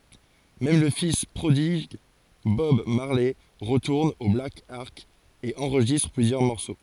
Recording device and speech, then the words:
forehead accelerometer, read sentence
Même le fils prodigue Bob Marley retourne au Black Ark et enregistre plusieurs morceaux.

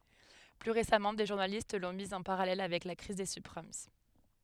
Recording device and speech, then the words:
headset microphone, read sentence
Plus récemment, des journalistes l’ont mise en parallèle avec la crise des subprimes.

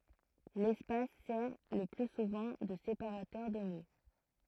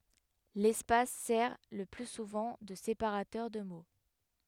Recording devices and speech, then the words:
throat microphone, headset microphone, read sentence
L’espace sert le plus souvent de séparateur de mots.

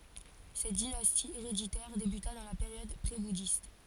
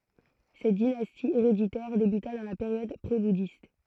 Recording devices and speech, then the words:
forehead accelerometer, throat microphone, read sentence
Cette dynastie héréditaire débuta dans la période prébouddhiste.

